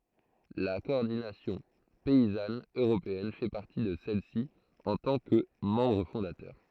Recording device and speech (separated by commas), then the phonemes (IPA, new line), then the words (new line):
throat microphone, read sentence
la kɔɔʁdinasjɔ̃ pɛizan øʁopeɛn fɛ paʁti də sɛlɛsi ɑ̃ tɑ̃ kə mɑ̃bʁ fɔ̃datœʁ
La Coordination Paysanne Européenne fait partie de celles-ci en tant que membre fondateur.